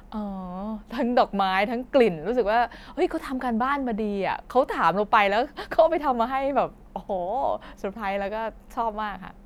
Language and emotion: Thai, happy